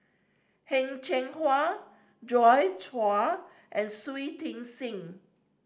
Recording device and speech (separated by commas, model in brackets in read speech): standing microphone (AKG C214), read sentence